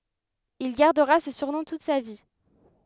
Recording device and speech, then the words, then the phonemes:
headset microphone, read sentence
Il gardera ce surnom toute sa vie.
il ɡaʁdəʁa sə syʁnɔ̃ tut sa vi

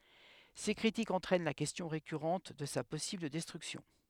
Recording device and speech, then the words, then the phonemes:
headset microphone, read sentence
Ces critiques entraînent la question récurrente de sa possible destruction.
se kʁitikz ɑ̃tʁɛn la kɛstjɔ̃ ʁekyʁɑ̃t də sa pɔsibl dɛstʁyksjɔ̃

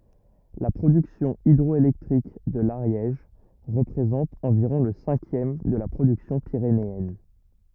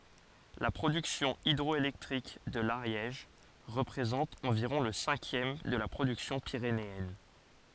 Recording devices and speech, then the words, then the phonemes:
rigid in-ear microphone, forehead accelerometer, read sentence
La production hydroélectrique de l'Ariège représente environ le cinquième de la production pyrénéenne.
la pʁodyksjɔ̃ idʁɔelɛktʁik də laʁjɛʒ ʁəpʁezɑ̃t ɑ̃viʁɔ̃ lə sɛ̃kjɛm də la pʁodyksjɔ̃ piʁeneɛn

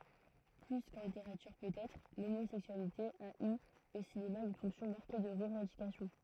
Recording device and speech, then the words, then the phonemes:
throat microphone, read sentence
Plus qu’en littérature peut-être, l’homosexualité a eu au cinéma une fonction marquée de revendication.
ply kɑ̃ liteʁatyʁ pøtɛtʁ lomozɛksyalite a y o sinema yn fɔ̃ksjɔ̃ maʁke də ʁəvɑ̃dikasjɔ̃

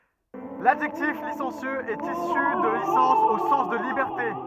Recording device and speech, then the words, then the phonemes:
rigid in-ear microphone, read sentence
L'adjectif licencieux est issu de licence au sens de liberté.
ladʒɛktif lisɑ̃sjøz ɛt isy də lisɑ̃s o sɑ̃s də libɛʁte

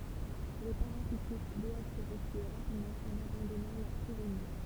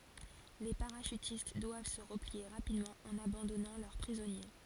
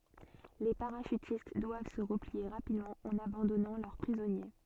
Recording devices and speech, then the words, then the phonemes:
temple vibration pickup, forehead accelerometer, soft in-ear microphone, read sentence
Les parachutistes doivent se replier rapidement, en abandonnant leurs prisonniers.
le paʁaʃytist dwav sə ʁəplie ʁapidmɑ̃ ɑ̃n abɑ̃dɔnɑ̃ lœʁ pʁizɔnje

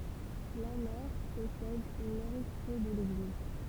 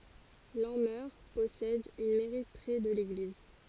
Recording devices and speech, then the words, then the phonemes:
temple vibration pickup, forehead accelerometer, read sentence
Lanmeur possède une mairie près de l'église.
lɑ̃mœʁ pɔsɛd yn mɛʁi pʁɛ də leɡliz

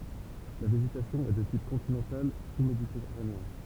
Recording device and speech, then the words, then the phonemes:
temple vibration pickup, read sentence
La végétation est de type continental sous-méditerranéen.
la veʒetasjɔ̃ ɛ də tip kɔ̃tinɑ̃tal susmeditɛʁaneɛ̃

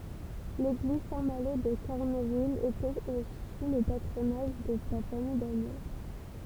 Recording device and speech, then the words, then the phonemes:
temple vibration pickup, read sentence
L'église Saint-Malo de Carneville était au sous le patronage de la famille d'Agneaux.
leɡliz sɛ̃ malo də kaʁnəvil etɛt o su lə patʁonaʒ də la famij daɲo

